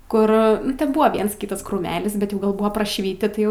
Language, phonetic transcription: Lithuanian, ˈkur ˈten ˈbua ˈviens ˈkytas krūˈmelis bet ˈjau ˈgal ˈbūva prašˈviti ˈtai

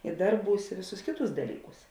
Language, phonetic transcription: Lithuanian, i ˈdarˌbūs i ˈvėˌsūs ˈkėˌtūs daˈlyˌkūs

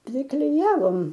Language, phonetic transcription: Lithuanian, priˈklijavom

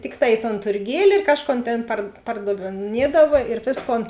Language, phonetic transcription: Lithuanian, ˈtikˌtā i ton turˈgieli ir ˈkažˌkon ˈtėn par pardavėˈniedava ir ˈvėsˌkon

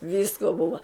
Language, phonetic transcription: Lithuanian, ˈvysko ˈbuva

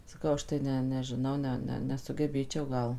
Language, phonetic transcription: Lithuanian, saˈkau ˈaš tai ˈne nežiˈnau ˈne ˈne nesugeˈbėčiau ˈgal

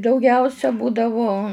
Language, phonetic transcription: Lithuanian, dauˈgiausia ˈbūdavo

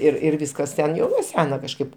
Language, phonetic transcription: Lithuanian, ir ir ˈvyskas ten jau nuo ˈsena kažˈkaip

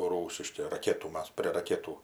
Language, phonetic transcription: Lithuanian, ˈrūsiški raˈketų ˈmas prie raˈketų

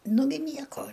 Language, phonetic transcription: Lithuanian, ˈnugi ˈnieko

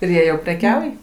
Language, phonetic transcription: Lithuanian, ir ˈjie jau preˈkiauj

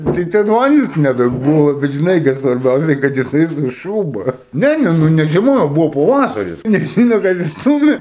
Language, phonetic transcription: Lithuanian, tai ten ˈvandens neˈdaug ˈbuvo bet žiˈnai kas svarˈbiausia kad jiˈsai su ˈšūba ˈne nu ne žieˈma jau ˈbuvo paˈvasaris neˈžyno kas inˈstūmė

